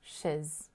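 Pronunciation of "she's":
'She's' is said in its weak form.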